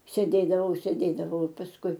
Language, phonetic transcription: Lithuanian, sėˈdėdavau sėˈdėdavau i pasˈkui

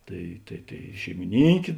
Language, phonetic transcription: Lithuanian, ˈtai tai tai šeimiˈnynkė

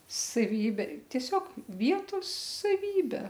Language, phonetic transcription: Lithuanian, saˈvybė tieˈsiog ˈvietos saˈvybe

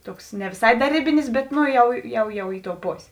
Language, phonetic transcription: Lithuanian, ˈtuoks ne viˈsai da ˈrėbinis bet ˈno ˈjau jau ˈjau ˈi ˌtou ˈposė

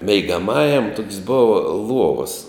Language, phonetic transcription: Lithuanian, meigaˈmajam tok's' ˈbova ˈluovas

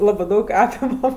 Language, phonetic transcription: Lithuanian, ˈlabɜ ˈdaug ˈapimam

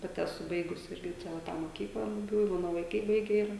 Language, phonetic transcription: Lithuanian, ˈpati eˈsu ˈbaigus ˈirgi ˈčia va ˈtą moˈkyklą buˈbių i ˈmano vaiˈkai ˈbaige ˈira

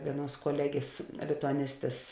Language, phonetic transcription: Lithuanian, ˈvieˌnuos koˈlegės lituaˈnistės

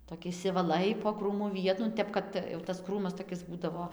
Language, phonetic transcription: Lithuanian, toˈki išsivaˈlai po ˈkrūmu ˈvietu nu ˈtep kad tas ˈkrūmas toˈkis ˈbūdavo jau tas ˈkrūmas toˈkis ˈbūdavo

